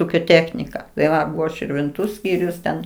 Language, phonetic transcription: Lithuanian, ˈūkio ˈtechnika tai ˈva širvinˈtų ˈskyrius ten

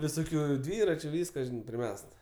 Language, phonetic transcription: Lithuanian, viˈsokiu ˈdvyračiu ˈvyska priˈmest

